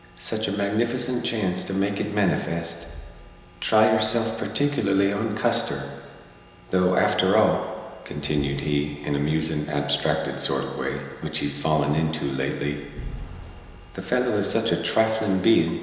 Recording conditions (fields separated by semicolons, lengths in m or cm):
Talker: one person; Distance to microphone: 1.7 m; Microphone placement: close; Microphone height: 1.0 m; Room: very reverberant, large; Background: none